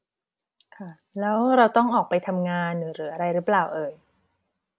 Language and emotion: Thai, neutral